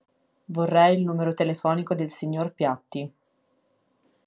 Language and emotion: Italian, neutral